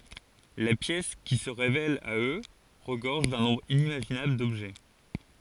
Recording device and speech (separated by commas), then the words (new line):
forehead accelerometer, read sentence
La pièce qui se révèle à eux regorge d'un nombre inimaginable d'objets.